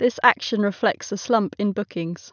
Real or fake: real